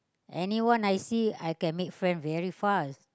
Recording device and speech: close-talking microphone, conversation in the same room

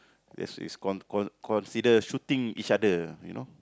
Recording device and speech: close-talking microphone, conversation in the same room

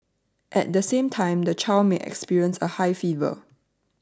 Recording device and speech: standing microphone (AKG C214), read sentence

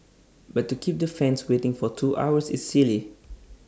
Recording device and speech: standing microphone (AKG C214), read sentence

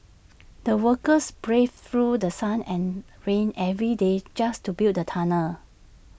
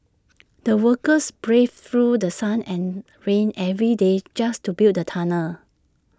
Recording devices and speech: boundary microphone (BM630), standing microphone (AKG C214), read sentence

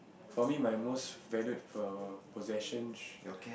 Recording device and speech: boundary microphone, conversation in the same room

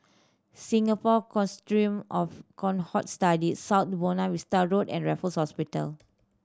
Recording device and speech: standing microphone (AKG C214), read sentence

